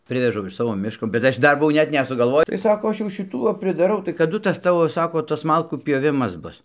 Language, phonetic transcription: Lithuanian, ˈprivežau iš ˈsavo ˈmiško bet ˈaš ˈdar buˈvau ˈnet nesugalˈvoj tai ˈsako ˈaš jau šiˈtų va pridaˈrau tai kaˈdu ˈtas ˈtavo ˈsako ˈtas ˈmalkų ˈpjovimas ˈbus

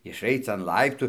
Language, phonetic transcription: Lithuanian, išˈaic an ˈlaiptų

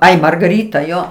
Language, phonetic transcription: Lithuanian, ˈai margaˈryta ˈjo

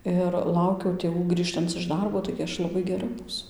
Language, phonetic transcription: Lithuanian, ir ˈlaukiau tėˈvų ˈgrįžtanc iš ˈdarbo taigi ˈaš laˈbai geˈra ˈbūsu

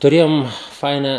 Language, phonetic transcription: Lithuanian, tuˈrėjom ˈfainą

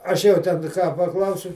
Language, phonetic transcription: Lithuanian, ˈaš jau ˈten ką paˈklausiu

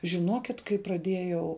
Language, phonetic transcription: Lithuanian, žiˈnokit kai praˈdėjau

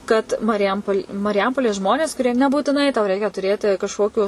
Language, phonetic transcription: Lithuanian, kad mariˈjampol' mariˈjampolės ˈžmonės kuˈrie nebūtiˈnai tau ˈreikia tuˈrėti kažˈkokiu

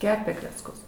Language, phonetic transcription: Lithuanian, ˈkepė klecˈkus

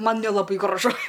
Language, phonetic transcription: Lithuanian, ˈman nelaˈbai graˈžu

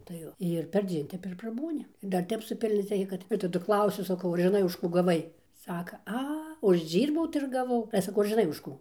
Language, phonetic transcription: Lithuanian, tai ˈjo ir perˈdzien ˈtep ir praˈbūni ir dar ˈtep suˈpilnioc ˈreikia ˈkad ir taˈdu ˈklausiu saˈkau ar žiˈnai už ˈkų gaˈvai ˈsaka ˈa užˈdžyrbau tai ir gaˈvau ale saˈkau ar žiˈnai už ˈkų

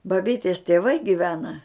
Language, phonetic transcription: Lithuanian, baˈbytės tėˈvai giˈvena

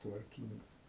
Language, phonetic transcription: Lithuanian, tvarˈkyngas

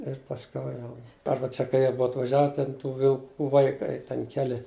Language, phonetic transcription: Lithuanian, ir pasˈkiau jau ˈarba čia kai ˈjie ˈbua atvaˈžiave ten tų vilˈkų vaiˈkai ten ˈkeli

